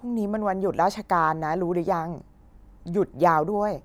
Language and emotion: Thai, neutral